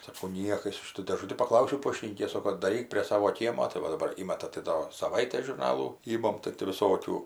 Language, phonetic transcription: Lithuanian, saˈkau ˈniekas ˈšitų dėˈžuti paˈklausiau ˈpoštinykės ˈsoko daˈryk prie ˈsavo ˈkiemo tai ˈva daˈbar ˈįmata tai ˈdo saˈvaitės žurˈnalų ˈymam tai ti viˈsokių

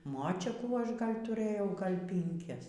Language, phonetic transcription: Lithuanian, ˈmočiakų ˈaš ˈgal' tuˈrėjau ˈgal' pinˈkias

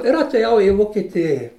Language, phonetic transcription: Lithuanian, ir atėˈjau i vokiˈtėji

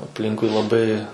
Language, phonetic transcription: Lithuanian, apˈlinkui laˈbai

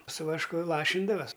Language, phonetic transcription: Lithuanian, su vašˈku ˈlašindavas'

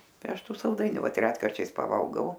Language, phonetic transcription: Lithuanian, ˈtai ˈaš ˈtų salˈdainiu ˈvat ˈretkarčiais paˈvalgau

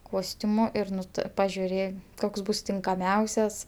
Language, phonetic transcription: Lithuanian, ˈkostiumu ir ˈnu tɜ pažiuˈrė ˈkoks ˈbus tinkaˈmiausias

